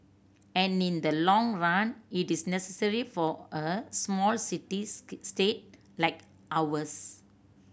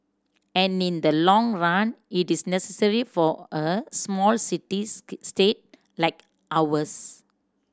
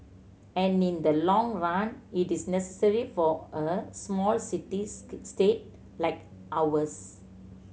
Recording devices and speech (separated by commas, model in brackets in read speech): boundary microphone (BM630), standing microphone (AKG C214), mobile phone (Samsung C7100), read sentence